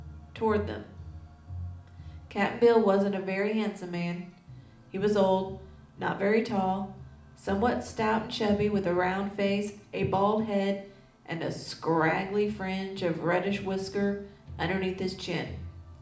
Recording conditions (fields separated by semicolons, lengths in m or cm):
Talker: one person; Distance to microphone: 2.0 m; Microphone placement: close; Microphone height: 99 cm; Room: medium-sized (5.7 m by 4.0 m); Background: music